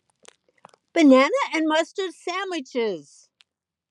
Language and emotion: English, neutral